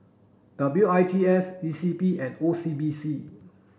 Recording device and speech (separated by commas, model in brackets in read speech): boundary microphone (BM630), read sentence